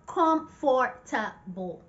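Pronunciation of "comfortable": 'Comfortable' is pronounced incorrectly here, with every letter of the word sounded out.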